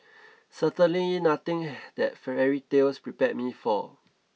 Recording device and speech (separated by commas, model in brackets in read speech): mobile phone (iPhone 6), read sentence